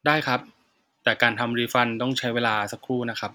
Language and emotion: Thai, neutral